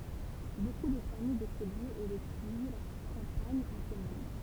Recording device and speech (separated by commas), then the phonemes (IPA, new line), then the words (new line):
temple vibration pickup, read sentence
boku də famij də soljez e də tiji la kɑ̃paɲ ɑ̃ temwaɲ
Beaucoup de famille de Soliers et de Tilly-la-Campagne en témoignent.